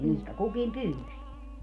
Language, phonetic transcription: Finnish, 'mihkä "kukim "pyys .
- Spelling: mihin kukin pyysi

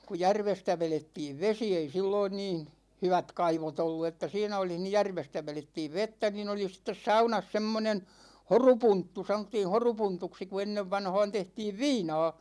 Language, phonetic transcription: Finnish, ku "järvestä 'velettiiv "vesi , ei 'silloin niin̬ , 'hyvät̳§ 'kaivot ‿ollu että 'siinä olih ni "järvestä 'velettiiv 'vettä nin ‿oli sittes "saunas 'semmonen , "horupunttu , 'sanottiin̬ 'horupuntuksi ku 'ennevvanha̭a̭n 'tehtiiv "viina̭a̭ .
- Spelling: kun järvestä vedettiin vesi ei silloin niin hyvät kaivot ollut että siinä olisi niin järvestä vedettiin vettä niin oli sitten saunassa semmoinen horupunttu sanottiin horupuntuksi kun ennen vanhaan tehtiin viinaa

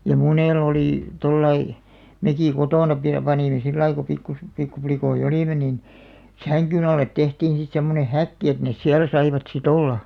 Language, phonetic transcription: Finnish, ja 'munèl ‿olì , 'tollai , "mekì 'kotòna pi- panìme 'sillai ko pikku- , 'pikkuplikoi"ʲ ‿olìme nin , "säŋkyn ‿allet 'tehtiin̬ sit semmone "häkki et nes 'siäl saivat si"t ‿olla .
- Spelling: ja monella oli tuolla lailla mekin kotona - panimme sillä lailla kun - pikkuplikkoja olimme niin sängyn alle tehtiin sitten semmoinen häkki että ne siellä saivat sitten olla

